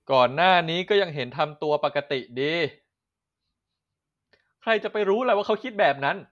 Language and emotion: Thai, frustrated